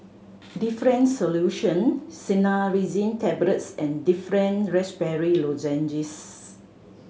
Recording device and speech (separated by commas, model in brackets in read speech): mobile phone (Samsung C7100), read sentence